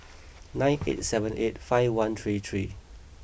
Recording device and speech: boundary microphone (BM630), read sentence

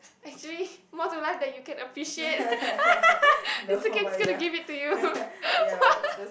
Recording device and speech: boundary microphone, conversation in the same room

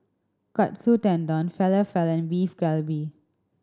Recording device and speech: standing microphone (AKG C214), read sentence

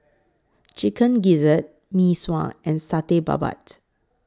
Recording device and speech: close-talking microphone (WH20), read sentence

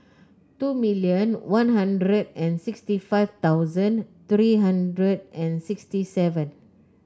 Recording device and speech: close-talking microphone (WH30), read sentence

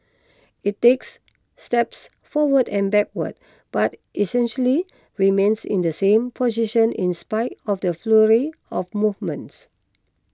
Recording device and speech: close-talking microphone (WH20), read sentence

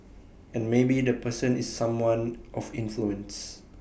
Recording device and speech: boundary microphone (BM630), read sentence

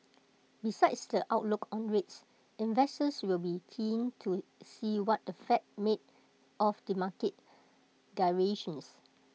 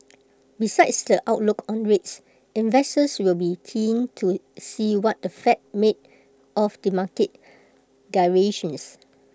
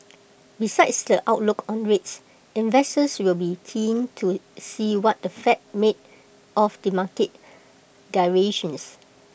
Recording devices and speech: mobile phone (iPhone 6), close-talking microphone (WH20), boundary microphone (BM630), read sentence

